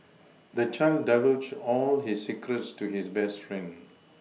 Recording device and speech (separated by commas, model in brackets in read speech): mobile phone (iPhone 6), read sentence